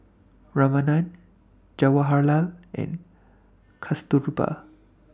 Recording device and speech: standing microphone (AKG C214), read sentence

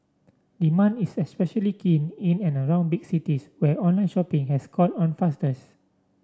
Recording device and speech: standing microphone (AKG C214), read sentence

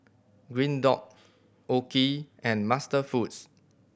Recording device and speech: boundary microphone (BM630), read sentence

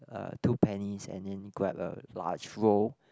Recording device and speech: close-talking microphone, conversation in the same room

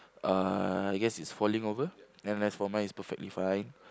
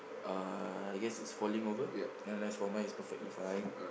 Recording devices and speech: close-talking microphone, boundary microphone, conversation in the same room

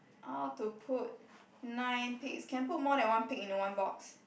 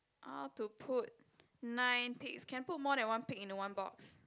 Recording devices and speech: boundary microphone, close-talking microphone, conversation in the same room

